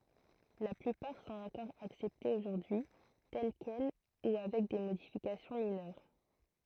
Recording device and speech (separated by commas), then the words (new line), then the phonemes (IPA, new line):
throat microphone, read sentence
La plupart sont encore acceptées aujourd’hui, telles quelles ou avec des modifications mineures.
la plypaʁ sɔ̃t ɑ̃kɔʁ aksɛptez oʒuʁdyi tɛl kɛl u avɛk de modifikasjɔ̃ minœʁ